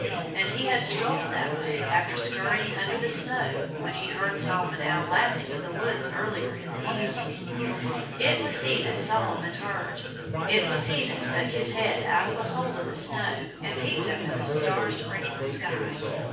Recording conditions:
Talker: one person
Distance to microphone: 9.8 m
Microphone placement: far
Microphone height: 1.8 m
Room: large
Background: babble

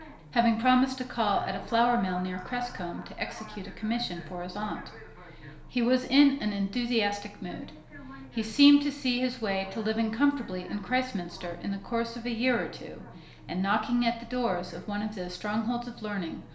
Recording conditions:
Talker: one person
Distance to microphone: 1.0 m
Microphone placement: close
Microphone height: 1.1 m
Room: small (3.7 m by 2.7 m)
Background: television

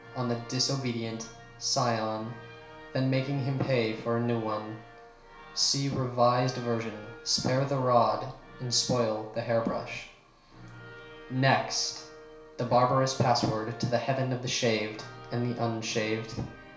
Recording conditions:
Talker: one person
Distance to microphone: 1.0 m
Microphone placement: close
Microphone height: 1.1 m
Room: small (3.7 m by 2.7 m)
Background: music

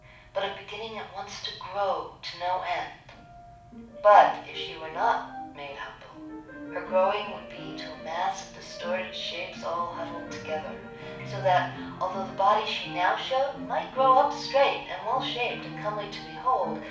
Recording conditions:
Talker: one person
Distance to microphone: 5.8 m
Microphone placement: far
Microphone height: 1.8 m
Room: medium-sized (5.7 m by 4.0 m)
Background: music

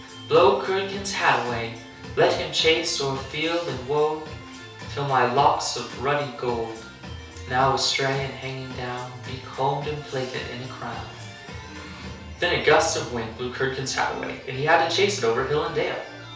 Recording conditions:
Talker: one person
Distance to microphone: 3.0 m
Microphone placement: far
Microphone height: 1.8 m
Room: small (3.7 m by 2.7 m)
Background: music

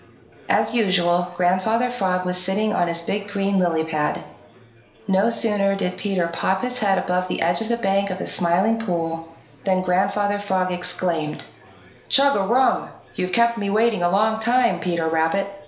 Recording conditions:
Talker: one person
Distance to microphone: 1.0 m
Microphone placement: close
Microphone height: 1.1 m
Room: small (3.7 m by 2.7 m)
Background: babble

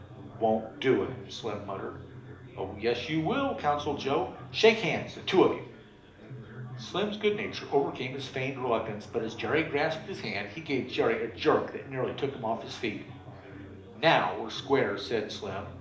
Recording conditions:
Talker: one person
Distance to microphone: 2.0 m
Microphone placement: close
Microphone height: 99 cm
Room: medium-sized (5.7 m by 4.0 m)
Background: babble

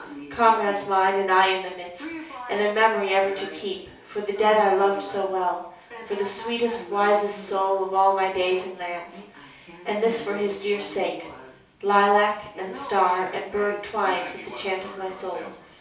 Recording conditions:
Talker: one person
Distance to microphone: 3.0 m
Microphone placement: far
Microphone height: 1.8 m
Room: small (3.7 m by 2.7 m)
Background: television

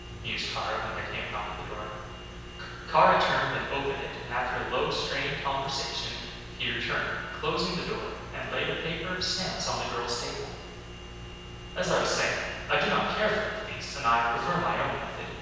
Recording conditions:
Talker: one person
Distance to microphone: 7.1 m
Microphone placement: far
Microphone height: 1.7 m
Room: very reverberant, large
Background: none

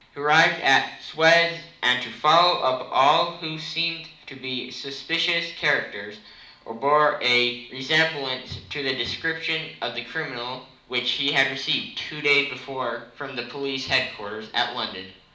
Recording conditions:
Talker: one person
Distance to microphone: 2.0 m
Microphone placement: close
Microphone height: 99 cm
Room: medium-sized (5.7 m by 4.0 m)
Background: none

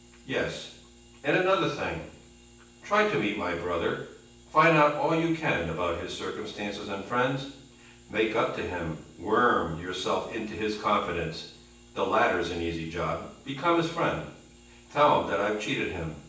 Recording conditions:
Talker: one person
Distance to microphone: 9.8 m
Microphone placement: far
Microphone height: 1.8 m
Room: large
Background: none

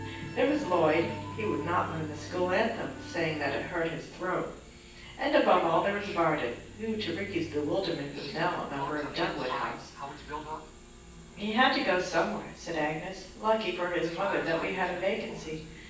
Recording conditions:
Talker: one person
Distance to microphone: 9.8 m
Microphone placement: far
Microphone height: 1.8 m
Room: large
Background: television

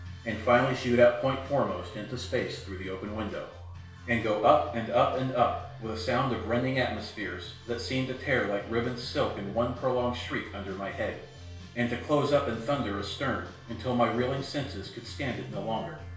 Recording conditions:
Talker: one person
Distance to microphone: 1.0 m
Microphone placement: close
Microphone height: 1.1 m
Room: small (3.7 m by 2.7 m)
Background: music

